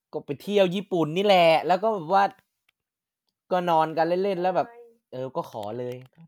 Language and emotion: Thai, happy